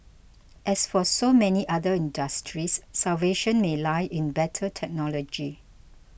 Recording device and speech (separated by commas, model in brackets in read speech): boundary microphone (BM630), read sentence